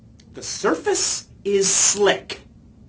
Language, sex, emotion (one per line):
English
male
angry